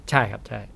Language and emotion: Thai, neutral